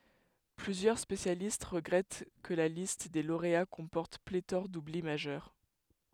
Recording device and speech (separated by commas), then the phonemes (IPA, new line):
headset microphone, read sentence
plyzjœʁ spesjalist ʁəɡʁɛt kə la list de loʁea kɔ̃pɔʁt pletɔʁ dubli maʒœʁ